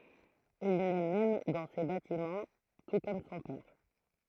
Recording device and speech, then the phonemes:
throat microphone, read sentence
il nɛ mɛm dɑ̃ se batimɑ̃ tu kɔm sɔ̃ pɛʁ

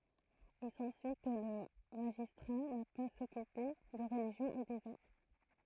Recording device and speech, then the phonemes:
throat microphone, read sentence
il sɑ̃syi kə lə maʒistʁa na paz a sɔkype də ʁəliʒjɔ̃ e dez am

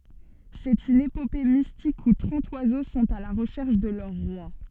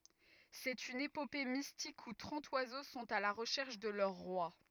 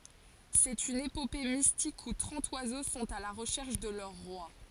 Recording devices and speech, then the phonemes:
soft in-ear microphone, rigid in-ear microphone, forehead accelerometer, read sentence
sɛt yn epope mistik u tʁɑ̃t wazo sɔ̃t a la ʁəʃɛʁʃ də lœʁ ʁwa

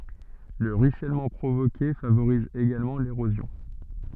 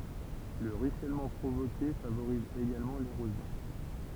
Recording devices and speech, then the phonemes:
soft in-ear microphone, temple vibration pickup, read sentence
lə ʁyisɛlmɑ̃ pʁovoke favoʁiz eɡalmɑ̃ leʁozjɔ̃

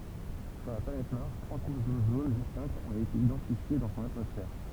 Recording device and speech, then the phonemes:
temple vibration pickup, read sentence
syʁ la planɛt maʁs tʁwa kuʃ dozon distɛ̃ktz ɔ̃t ete idɑ̃tifje dɑ̃ sɔ̃n atmɔsfɛʁ

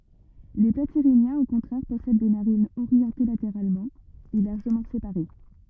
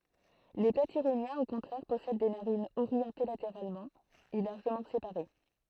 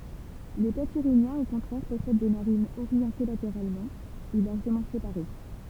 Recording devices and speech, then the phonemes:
rigid in-ear microphone, throat microphone, temple vibration pickup, read sentence
le platiʁinjɛ̃z o kɔ̃tʁɛʁ pɔsɛd de naʁinz oʁjɑ̃te lateʁalmɑ̃ e laʁʒəmɑ̃ sepaʁe

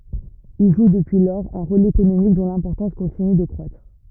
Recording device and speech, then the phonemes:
rigid in-ear microphone, read sentence
il ʒu dəpyi lɔʁz œ̃ ʁol ekonomik dɔ̃ lɛ̃pɔʁtɑ̃s kɔ̃tiny də kʁwatʁ

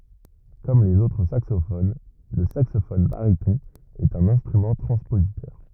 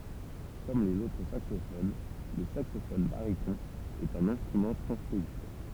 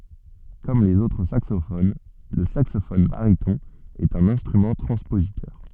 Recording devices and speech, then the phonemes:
rigid in-ear microphone, temple vibration pickup, soft in-ear microphone, read sentence
kɔm lez otʁ saksofon lə saksofɔn baʁitɔ̃ ɛt œ̃n ɛ̃stʁymɑ̃ tʁɑ̃spozitœʁ

